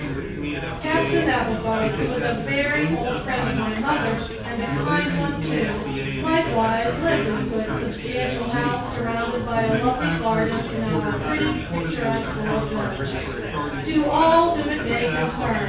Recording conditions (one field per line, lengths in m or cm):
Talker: one person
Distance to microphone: 9.8 m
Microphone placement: far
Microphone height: 1.8 m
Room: large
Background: babble